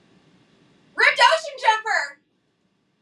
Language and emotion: English, happy